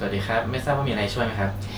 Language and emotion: Thai, neutral